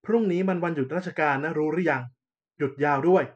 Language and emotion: Thai, frustrated